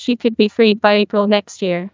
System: TTS, neural waveform model